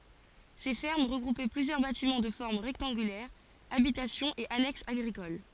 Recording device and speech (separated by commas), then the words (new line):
forehead accelerometer, read sentence
Ces fermes regroupaient plusieurs bâtiments de forme rectangulaire, habitations et annexes agricoles.